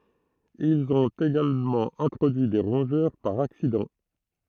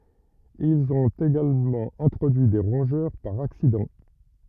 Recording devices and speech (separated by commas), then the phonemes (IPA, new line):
throat microphone, rigid in-ear microphone, read sentence
ilz ɔ̃t eɡalmɑ̃ ɛ̃tʁodyi de ʁɔ̃ʒœʁ paʁ aksidɑ̃